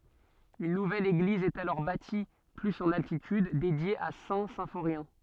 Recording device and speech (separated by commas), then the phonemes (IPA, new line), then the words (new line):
soft in-ear microphone, read sentence
yn nuvɛl eɡliz ɛt alɔʁ bati plyz ɑ̃n altityd dedje a sɛ̃ sɛ̃foʁjɛ̃
Une nouvelle église est alors bâtie plus en altitude, dédiée à Saint-Symphorien.